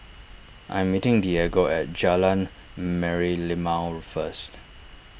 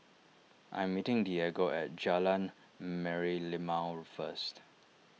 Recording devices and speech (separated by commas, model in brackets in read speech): boundary microphone (BM630), mobile phone (iPhone 6), read sentence